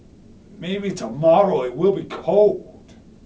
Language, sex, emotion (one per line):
English
male
disgusted